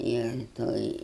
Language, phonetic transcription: Lithuanian, ir ˈtoj

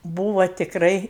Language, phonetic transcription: Lithuanian, ˈbūva tikˈrai

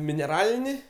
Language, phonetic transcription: Lithuanian, mineˈralini

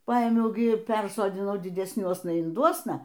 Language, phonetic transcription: Lithuanian, ˈpaėmiau gi ˈpersodinau didesˈniuosna inˈduosna

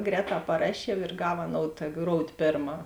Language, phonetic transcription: Lithuanian, ˈgrēˌtā paˈrašiev ir ˈgav aˈnoud ta ˈgroud' ˈpėrˌmā

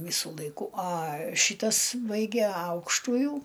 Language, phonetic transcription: Lithuanian, ˈvysu laiˈku a ˈšytas ˈbaige ˈaukštujų

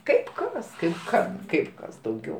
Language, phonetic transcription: Lithuanian, ˈkaip ˈkas ˈkaip ˈkam ˈkaip ˈkas dauˈgiau

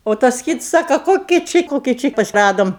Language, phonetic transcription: Lithuanian, o ˈtas ˈkits ˈsaka ˈkoki ˈči ˈkoki ˈči ˈradom

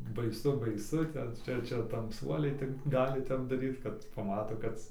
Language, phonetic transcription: Lithuanian, baiˈsu baiˈsu ˈten ˈčia ˈčia tamˈsuoliai tik ˈgali ˈtep daˈryt kad paˈmato ˈkad

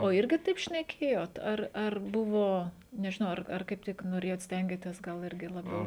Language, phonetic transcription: Lithuanian, o ˈirgi ˈtaip šneˈkėjot ˈar ˈar ˈbuvo nežiˈnau ˈar ar ˈkaip tik noˈrėjot ˈstengėtės ˈgal ˈirgi laˈbiau

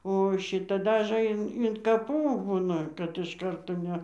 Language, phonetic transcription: Lithuanian, o ˈšita ˈdažɘ in in kaˈpų ˈbūna kad iš ˈkarto ˈne

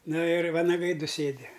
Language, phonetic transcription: Lithuanian, ˈnu ir vanaˈgai ˈdu ˈsėdi

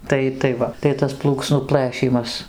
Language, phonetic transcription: Lithuanian, ˈtai tai ˈva tai ˈtas ˈplūksnų ˈplɘšymas

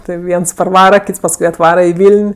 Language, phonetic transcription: Lithuanian, ˈtɜ ˈviens parˈvara ˈkyts pasˈkui atˈvara i ˈvyln'

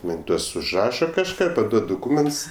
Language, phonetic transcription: Lithuanian, ˈman' ˈtuos užˈraša kažˈką paˈduod duˈkūments

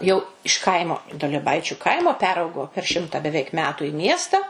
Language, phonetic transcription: Lithuanian, jau iš ˈkaimo duolieˈbaičiu ˈkaimo ˈperaugo per ˈšimta beˈveik ˈmetu i ˈmiesta

